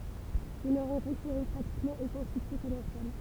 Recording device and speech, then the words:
temple vibration pickup, read sentence
Ils ne rencontreront pratiquement aucun succès commercial.

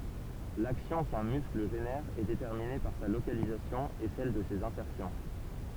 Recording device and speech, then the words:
temple vibration pickup, read sentence
L'action qu'un muscle génère est déterminée par sa localisation et celle de ses insertions.

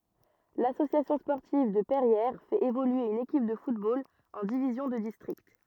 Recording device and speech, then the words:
rigid in-ear microphone, read sentence
L'Association sportive de Perrières fait évoluer une équipe de football en division de district.

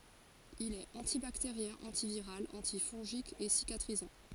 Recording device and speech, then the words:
forehead accelerometer, read sentence
Il est antibactérien, antiviral, antifongique et cicatrisant.

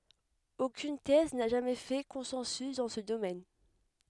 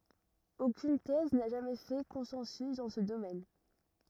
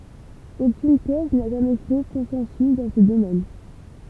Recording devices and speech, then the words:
headset microphone, rigid in-ear microphone, temple vibration pickup, read sentence
Aucune thèse n'a jamais fait consensus dans ce domaine.

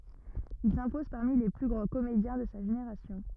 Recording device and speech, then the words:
rigid in-ear microphone, read sentence
Il s'impose parmi les plus grands comédiens de sa génération.

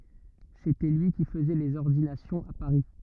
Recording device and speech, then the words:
rigid in-ear microphone, read sentence
C'était lui qui faisait les ordinations à Paris.

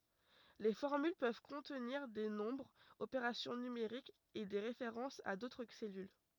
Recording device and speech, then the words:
rigid in-ear microphone, read sentence
Les formules peuvent contenir des nombres, opérations numériques et des références à d'autres cellules.

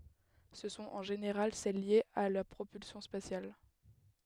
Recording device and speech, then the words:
headset microphone, read sentence
Ce sont en général celles liées à la propulsion spatiale.

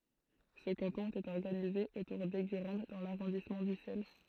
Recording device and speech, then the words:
throat microphone, read sentence
Ce canton était organisé autour d'Eygurande dans l'arrondissement d'Ussel.

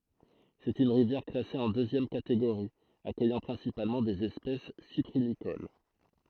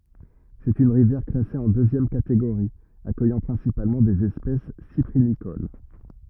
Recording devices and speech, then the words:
throat microphone, rigid in-ear microphone, read sentence
C'est une rivière classée en deuxième catégorie, accueillant principalement des espèces cyprinicoles.

